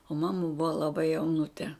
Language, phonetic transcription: Lithuanian, o ˈmama ˈbuva laˈbai jauˈnute

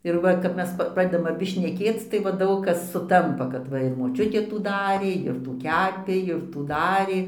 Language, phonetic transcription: Lithuanian, ir ˈva kap ˈmes pa ˈpradedam aˈbi šneˈkėc tai ˈva ˈdaug kas suˈtampa kad ˈva ir moˈčiutė ˈtų ˈdarė ir ˈtų ˈkepė ir ˈtų ˈdarė

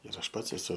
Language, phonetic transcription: Lithuanian, ir ˈaš ˈpats eˈsu

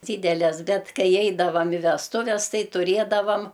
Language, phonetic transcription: Lithuanian, ˈdydeles ˈbet ˈkai ˈeidavam i vesˈtuves ˈtai tuˈrėdavam

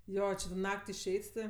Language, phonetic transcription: Lithuanian, ˈjo či to ˈnak't' išˈeit' ti

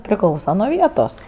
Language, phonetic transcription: Lithuanian, priˈklausa nuo ˈvietos

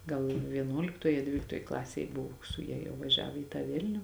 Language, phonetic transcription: Lithuanian, ˈgal vieˈnuoliktoj a ˈdvyliktoj ˈklasėj ˈbuvo su ˈja jau vaˈžiavo į tą ˈvilniu

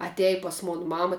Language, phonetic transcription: Lithuanian, aˈtej pas ˈmon ˈmama

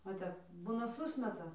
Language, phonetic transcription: Lithuanian, va ˈtep ˈbūna ˈsusmeta

